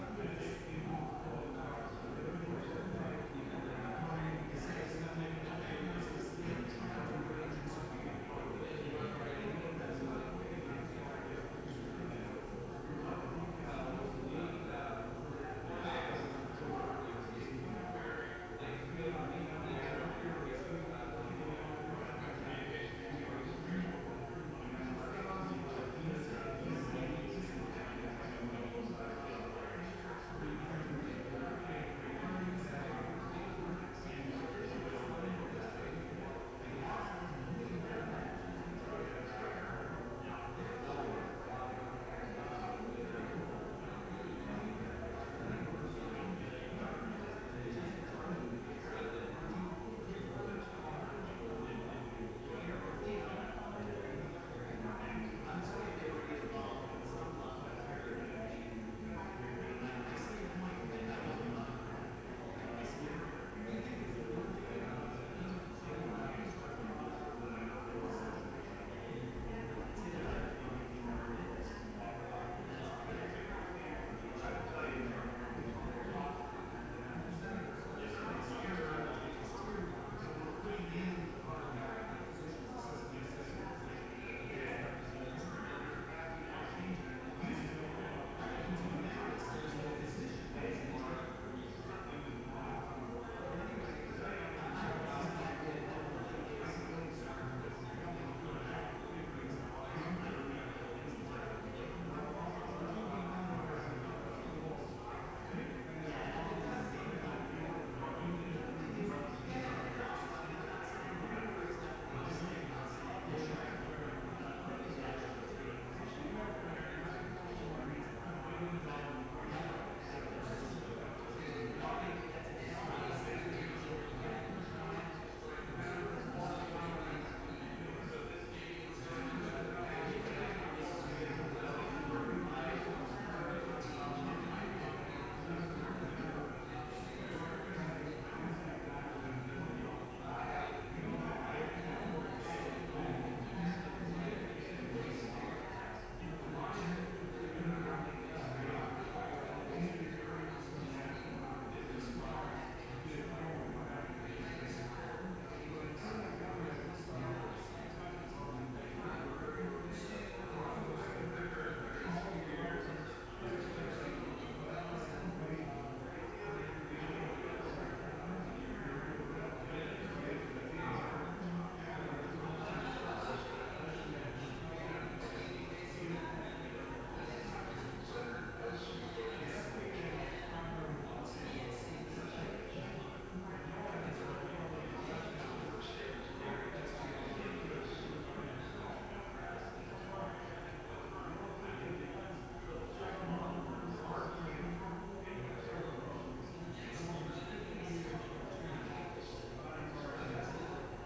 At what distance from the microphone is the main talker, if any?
No main talker.